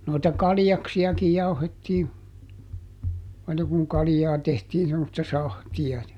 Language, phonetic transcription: Finnish, noita "kaljaksi₍akij ˈjauhettii , aina kuŋ ˈkalⁱjaa tehtiin semmosta "sahti₍a ja ,.
- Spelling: noita kaljaksiakin jauhettiin aina kun kaljaa tehtiin semmoista sahtia ja

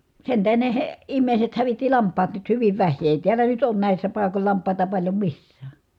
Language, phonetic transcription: Finnish, sen tähen ne he- , immèi̮set hävitti lamp̆paat nyt hyviv väh̆hii èi tiäl̆lä nyt ‿oon nä̀issä paikol lamp̀àita paĺjo missää .
- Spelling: sen tähden ne - ihmiset hävitti lampaat nyt hyvin vähiin ei täällä nyt ole näissä paikoilla lampaita paljon missään

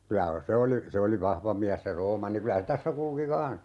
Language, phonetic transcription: Finnish, 'kylä , 'se oli , 'se oli "vahva miäs se 'Roomanni 'kylä se "tässä kulki "kaa̰s .
- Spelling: kyllä se oli se oli vahva mies se Roomanni kyllä se tässä kulki kanssa

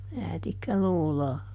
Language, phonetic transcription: Finnish, "räätikkäloolaa .
- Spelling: räätikkäloota

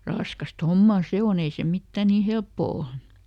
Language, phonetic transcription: Finnish, ˈraskast "hommà ˈse oˈn ‿ei se ˈmittä ni "helppò ol .
- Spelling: raskasta hommaa se on ei se mitään niin helppoa ole

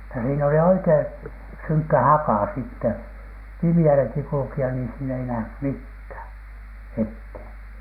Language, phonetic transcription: Finnish, ja siin ‿oli 'oikeiN , "syŋkkä "hakà sitte , 'pimi₍äläki kul̳k̳i₍a nii siin ‿ei nähny "mithä̀ , 'ethèN .
- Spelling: ja siinä oli oikein synkkä haka sitten pimeälläkin kulkea niin siinä ei nähnyt mitään eteen

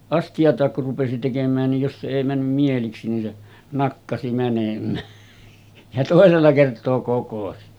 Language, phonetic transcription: Finnish, 'asti₍at̀aak kur rupesi 'tekem̆mään nij jos se èi 'männym mieliksi nin se , 'nakkasi mänem̆mää , ja 'tòesella kert̆too kokosi .
- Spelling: astiaa kun rupesi tekemään niin jos se ei mennyt mieliksi niin se nakkasi menemään ja toisella kertaa kokosi

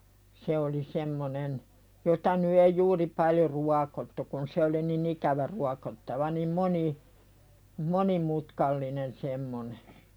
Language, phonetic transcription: Finnish, se oli 'semmonen , jota ny ei "juuri paljo 'ruakottu kun se oli ni"n ‿ikävä 'ruakottava nim "moni- , "moni'mutkallinen semmone .
- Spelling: se oli semmoinen jota nyt ei juuri paljon ruokottu kun se oli niin ikävä ruokottava niin - monimutkainen semmoinen

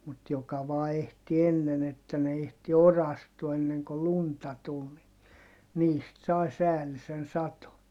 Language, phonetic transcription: Finnish, mut joka vaa ehti ennen ‿että ne ehti orastua enneŋ ko lunta tul ni , niist sai säälisen sato .
- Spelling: mutta joka vain ehti ennen että ne ehti orastua ennen kuin lunta tuli niin niistä sai säällisen sadon

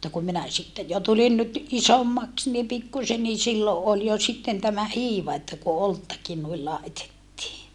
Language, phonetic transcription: Finnish, [mut]ta kum minä sitte jo tulin nyt , isommaks ni pikkusen ni silloʼ ʼol jo sitten tämä hiiva että ku olttakin nuil làetettii .
- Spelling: mutta kun minä sitten jo tulin nyt isommaksi niin pikkuisen niin silloin oli jo sitten tämä hiiva että kun oluttakin noin laitettiin

